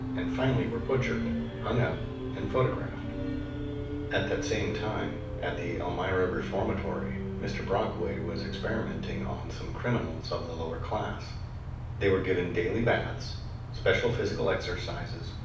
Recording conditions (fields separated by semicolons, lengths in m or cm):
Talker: one person; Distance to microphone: 5.8 m; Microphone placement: far; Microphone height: 1.8 m; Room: medium-sized (5.7 m by 4.0 m); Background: music